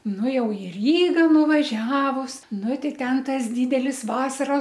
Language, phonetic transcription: Lithuanian, ˈnu ˈjau i ˈryga nuvaˈžiavus ˈnu ˈtei ˈten ˈtas ˈdydelis ˈvasaros

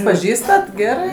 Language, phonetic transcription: Lithuanian, paˈžįstat ˈgerɜ

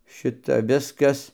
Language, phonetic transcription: Lithuanian, ˈšita ˈviskas

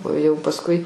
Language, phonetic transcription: Lithuanian, o jau pasˈkui

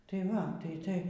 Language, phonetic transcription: Lithuanian, ˈtai ˈva ˈtai ˈtai

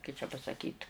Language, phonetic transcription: Lithuanian, kai čia pasaˈkyt

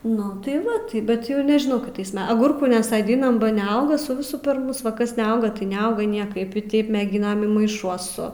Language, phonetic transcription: Lithuanian, nu ˈtai ˈva ˈtai bet ˈjau nežiˈnau kiˈtais ˈme aˈgurkų nesadinam ba neauga su ˈvisu per ˈmus ˈva ˈkas neˈauga tai neˈauga ˈniekaip i taip meˈginam i maiˈšuosu

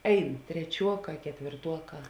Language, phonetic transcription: Lithuanian, ˈein treˈčiuoˌkā ketvėrˈtuoˌkā

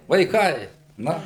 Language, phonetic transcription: Lithuanian, vaiˈkai na

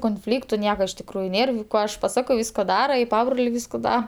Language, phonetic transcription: Lithuanian, konˈflyktu ˈnieka iš tikˈrųju ˈnėr ˈko aš paˈsako ˈvysko ˈdara i ˈpabrolė ˈvysko ˈda

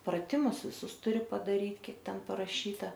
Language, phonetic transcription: Lithuanian, praˈtimus viˈsus tuˈri padaˈryt ˈkiek ˈten paraˈšyta

